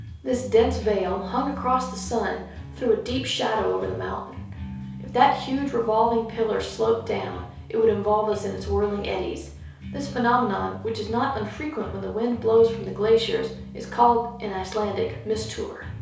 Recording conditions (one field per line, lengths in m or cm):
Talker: one person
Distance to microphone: 3.0 m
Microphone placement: far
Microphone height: 1.8 m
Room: small (3.7 m by 2.7 m)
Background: music